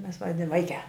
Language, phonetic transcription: Lithuanian, ˈmes ˈvadin ˈvaikiā

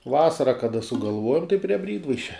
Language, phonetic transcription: Lithuanian, ˈvasara kaˈda sugalˈvuojam tai prie ˈbrydvaišia

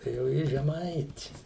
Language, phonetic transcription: Lithuanian, tai jau ˈji žeˈmaiti

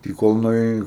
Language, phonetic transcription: Lithuanian, i ˈkol nuėˈjei

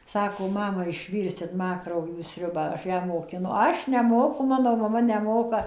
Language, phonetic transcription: Lithuanian, ˈsako ˈmama išˈvyrsit ˈma krauˈjų ˈsriubą ˈaš ˈją mokiˈnu ˈaš neˈmoku ˈmano maˈma neˈmoka

